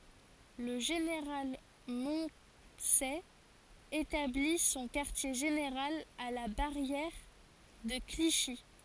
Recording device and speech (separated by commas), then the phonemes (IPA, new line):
forehead accelerometer, read sentence
lə ʒeneʁal mɔ̃sɛ etabli sɔ̃ kaʁtje ʒeneʁal a la baʁjɛʁ də kliʃi